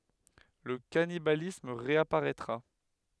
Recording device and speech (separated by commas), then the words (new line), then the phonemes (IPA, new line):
headset microphone, read sentence
Le cannibalisme réapparaîtra.
lə kanibalism ʁeapaʁɛtʁa